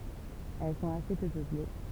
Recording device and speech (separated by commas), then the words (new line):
temple vibration pickup, read sentence
Elles sont assez peu peuplées.